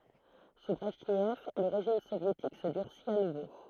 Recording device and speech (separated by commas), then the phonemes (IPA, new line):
throat microphone, read sentence
su bʁɛʒnɛv lə ʁeʒim sovjetik sə dyʁsit a nuvo